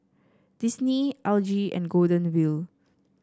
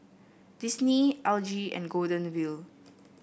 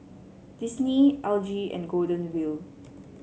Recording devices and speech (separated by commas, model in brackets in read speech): standing microphone (AKG C214), boundary microphone (BM630), mobile phone (Samsung C7), read sentence